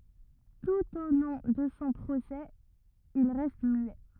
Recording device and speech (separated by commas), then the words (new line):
rigid in-ear microphone, read sentence
Tout au long de son procès, il reste muet.